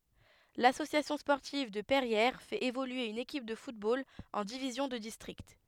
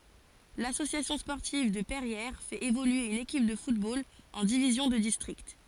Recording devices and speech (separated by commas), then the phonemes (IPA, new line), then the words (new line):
headset microphone, forehead accelerometer, read sentence
lasosjasjɔ̃ spɔʁtiv də pɛʁjɛʁ fɛt evolye yn ekip də futbol ɑ̃ divizjɔ̃ də distʁikt
L'Association sportive de Perrières fait évoluer une équipe de football en division de district.